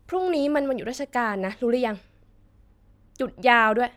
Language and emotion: Thai, frustrated